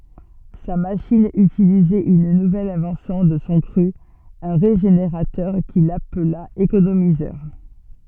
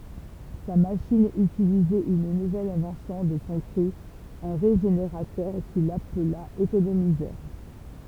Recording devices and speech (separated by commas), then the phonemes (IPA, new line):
soft in-ear microphone, temple vibration pickup, read sentence
sa maʃin ytilizɛt yn nuvɛl ɛ̃vɑ̃sjɔ̃ də sɔ̃ kʁy œ̃ ʁeʒeneʁatœʁ kil apla ekonomizœʁ